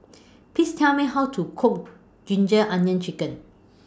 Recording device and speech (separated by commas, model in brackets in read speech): standing microphone (AKG C214), read sentence